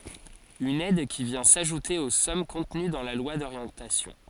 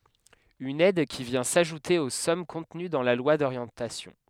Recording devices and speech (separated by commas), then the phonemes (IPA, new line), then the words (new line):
forehead accelerometer, headset microphone, read sentence
yn ɛd ki vjɛ̃ saʒute o sɔm kɔ̃təny dɑ̃ la lwa doʁjɑ̃tasjɔ̃
Une aide qui vient s’ajouter aux sommes contenues dans la loi d’orientation.